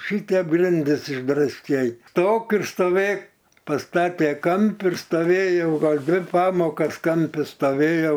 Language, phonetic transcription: Lithuanian, ˈšytep ˈgrindis išdrasˈkei ˈstok ir stoˈvėk paˈstate ˈkampi ir stoˈvėjau ˈgal ˈdvi ˈpamokas ˈkampi staˈvėjau

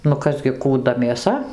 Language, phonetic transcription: Lithuanian, nu ˈkas gi kūˈda mėˈsa

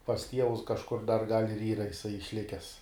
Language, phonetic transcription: Lithuanian, pas ˈtievus kažˈkur dar gal' ir ˈyra iˈsai išˈlikes

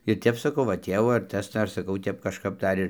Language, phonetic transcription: Lithuanian, ir ˈtep saˈkau va ˈtėvo ar ˈtas ˈdar saˈkau ˈtep kažˈkap ˈdar ir

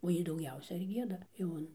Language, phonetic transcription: Lithuanian, o ˈjy dauˈgiausia ir ˈgieda jau ˈan

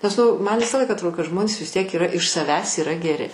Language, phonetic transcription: Lithuanian, nes ˈnu ˈman ˈvisą ˈlaiką atˈrodo kad ˈžmonės vis ˈtiek yˈra iš saˈvęs yˈra geˈri

